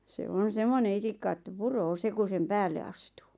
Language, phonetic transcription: Finnish, se 'on̬ 'semmone 'itikka ᵉttä "puroo 'se ku sem "päälle astuu .
- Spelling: se on semmoinen itikka että puree se kun sen päälle astuu

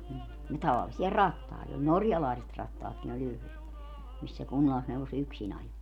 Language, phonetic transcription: Finnish, ja 'tavallisi₍a "rattàit ‿ol - "norjalàiset 'rattaatkin ‿oĺ 'yhlet , mis se 'kunnallisneuvos "yksin ‿ajo .
- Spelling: ja tavallisia rattaita oli norjalaiset rattaatkin oli yhdet missä se kunnallisneuvos yksin ajoi

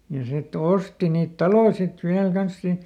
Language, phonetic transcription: Finnish, ja ˈsi"t ‿osti niit "taloⁱ sit ˈviäl ˈkans siin , ˈsiint .
- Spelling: ja sitten osti niitä taloja sitten vielä kanssa siinä siitä

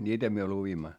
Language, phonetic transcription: Finnish, ńiitä myö luvimma .
- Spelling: niitä me luimme

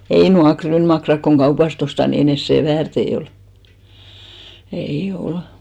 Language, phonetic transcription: Finnish, ei 'nuak 'kryynmakrak koŋ 'ɢaupas't ‿osta ni 'ei ne "sè väärtei ol , 'ei "ol .
- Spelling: ei nuo ryynimakkarat kun kaupasta ostaa niin ei ne sen väärtejä ole ei ole

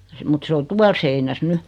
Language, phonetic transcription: Finnish, mut 'se o 'tual seinäs "ny .
- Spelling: mutta se on tuolla seinässä nyt

